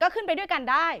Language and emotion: Thai, angry